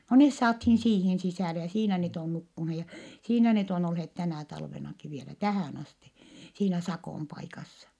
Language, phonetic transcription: Finnish, no nes saathiin siihin sisä̀le ja siinä net ‿on nukkunhe , ja siinä net ‿on ‿olhet tänä̀ talvenaki vielä tähä̀n ‿asti , siinä Sakòm paikassa .
- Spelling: no ne saatiin siihen sisälle ja siinä ne on nukkuneet ja siinä ne on olleet tänä talvenakin vielä tähän asti siinä Sakon paikassa

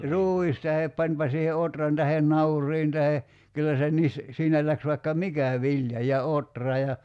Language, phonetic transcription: Finnish, "ruuis tahep 'pańpa siihe "otran tahen "naur̀iin tahe , 'kyllä se 'nis , 'siinä läks vaikka "mikä 'viĺja ja "otra ja ,.
- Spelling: ruis tai panipa siihen ohran tai nauriin tai kyllä se niin siinä lähti vaikka mikä vilja ja ohra ja

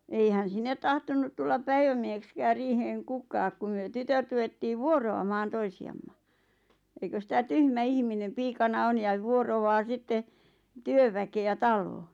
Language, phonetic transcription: Finnish, 'eihän "sinnet tahtonnut tullap "päivämiehekskäär 'riiheŋ "kukaak ku myö "tytöt ruvettiiv "vuoro₍amaan 'toisi₍amma , eikös 'sⁱtä "tyhmä "ihminem "piikana "on jaᵛ 'vuorovaa 'sitte , "työväke₍ä "tal̆looo̰ .
- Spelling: eihän sinne tahtonut tulla päivämieheksikään riiheen kukaan kun me tytöt ruvettiin vuoroamaan toisiamme eikös sitä tyhmä ihminen piikana on ja vuoroaa sitten työväkeä taloon

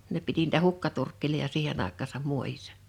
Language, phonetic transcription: Finnish, ne piti niitä "hukkaturkk(eli)ja 'siihen ‿àekkaasam 'muojissᴀ .
- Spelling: ne piti niitä hukkaturkkeja siihen aikaansa muodissa

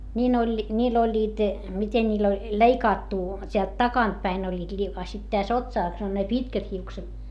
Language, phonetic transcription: Finnish, ńiin ‿oĺ , ńiil ‿oĺĺiit , miten ńiil ‿oĺ , leikaattu , t́eält takantpäin oĺĺiit li - a sit täs otsàs on ne pitkät hiukset .
- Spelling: niin oli niillä olivat miten niillä oli leikattu täältä takaa päin olivat - a sitten tässä otsassa on ne pitkät hiukset

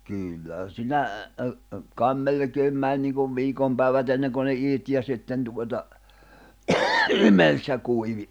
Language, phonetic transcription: Finnish, 'kỳllähän̬ sinä , ’ə ’ə , kài̬m 'melᵉkeem mäń niikuv 'viikom pä̀ìvät ‿enneŋko ne 'ìt ja sitten tuota , 'imels ja 'kuivi .
- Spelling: kyllähän siinä - - kai melkein meni niin kuin viikon päivät ennen kuin ne iti ja sitten tuota imelsi ja kuivui

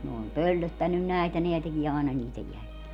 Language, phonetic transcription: Finnish, ne om "pöllöttännyn 'nä̀etä 'neä tekie àena 'niitej 'jälil - .
- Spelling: ne on pöllöttänyt näitä nämä tekee aina niiden -

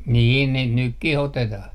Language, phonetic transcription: Finnish, niin 'niit "nykkih 'otetah .
- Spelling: niin niitä nytkin otetaan

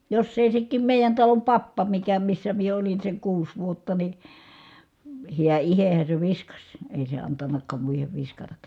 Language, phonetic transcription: Finnish, joss ‿èi sekkiim mèijän talom pappa mikä missä mie olin seŋ kuus vuotta ni , hiä ihehä se viskaś , èi se antannak̆kaam muihev viskatak̆ka .
- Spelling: jos ei sekin meidän talon pappa mikä missä minä olin sen kuusi vuotta niin hän itsehän se viskasi ei se antanutkaan muiden viskatakaan

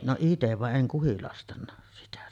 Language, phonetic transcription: Finnish, no 'itev vaˀ "ˀeŋ 'kuhilastanna , sitä .
- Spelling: no itse vaan en kuhilastanut sitä

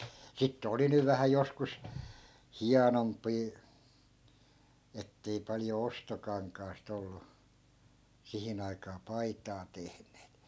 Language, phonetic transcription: Finnish, sittᵉ "oli 'nyv vähä 'joskus , "hianomp̆pii , ettei 'palⁱjo 'ostokaŋkaast ‿ollu , 'sihin ‿aikaa "paitaa 'tehneet .
- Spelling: sitten oli nyt vähän joskus hienompiakin että ei paljon ostokankaasta ollut siihen aikaan paitaa tehneet

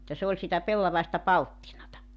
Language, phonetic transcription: Finnish, että se ‿oĺ sitä 'pellavaesta "palttinata .
- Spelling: että se oli sitä pellavaista palttinaa

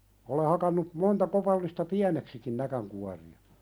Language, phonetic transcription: Finnish, ole hakannu , 'monta kopallista "piäneksikin näkäŋkuari₍a .
- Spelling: olen hakannut monta kopallista pieneksikin näkinkuoria

